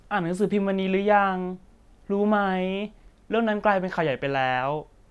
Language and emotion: Thai, neutral